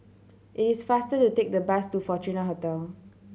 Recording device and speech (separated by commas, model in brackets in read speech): mobile phone (Samsung C7100), read sentence